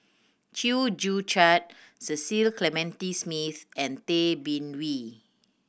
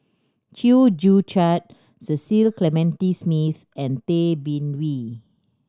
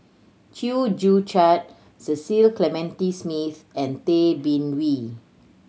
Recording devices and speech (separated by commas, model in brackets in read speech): boundary microphone (BM630), standing microphone (AKG C214), mobile phone (Samsung C7100), read sentence